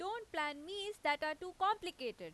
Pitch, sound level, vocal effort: 345 Hz, 93 dB SPL, very loud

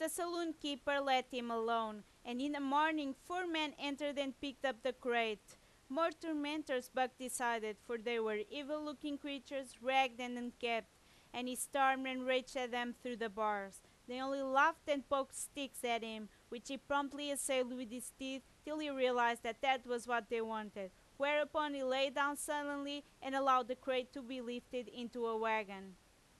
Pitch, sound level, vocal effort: 260 Hz, 93 dB SPL, very loud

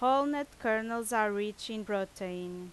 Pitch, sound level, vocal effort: 215 Hz, 89 dB SPL, very loud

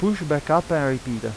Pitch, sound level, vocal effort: 150 Hz, 88 dB SPL, normal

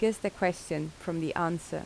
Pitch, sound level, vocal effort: 170 Hz, 80 dB SPL, normal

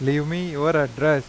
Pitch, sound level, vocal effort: 150 Hz, 92 dB SPL, normal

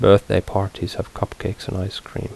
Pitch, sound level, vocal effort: 95 Hz, 75 dB SPL, soft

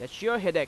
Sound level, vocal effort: 96 dB SPL, very loud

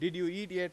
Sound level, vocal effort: 97 dB SPL, loud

